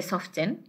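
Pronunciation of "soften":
'Soften' is pronounced incorrectly here: the t is sounded, when it should be silent.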